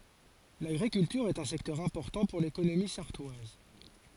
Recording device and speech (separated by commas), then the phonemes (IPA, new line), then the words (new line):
forehead accelerometer, read sentence
laɡʁikyltyʁ ɛt œ̃ sɛktœʁ ɛ̃pɔʁtɑ̃ puʁ lekonomi saʁtwaz
L'agriculture est un secteur important pour l'économie sarthoise.